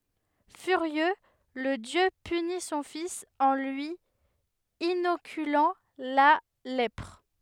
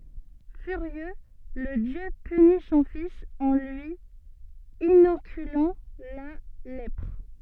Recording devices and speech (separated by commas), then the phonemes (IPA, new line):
headset microphone, soft in-ear microphone, read sentence
fyʁjø lə djø pyni sɔ̃ fis ɑ̃ lyi inokylɑ̃ la lɛpʁ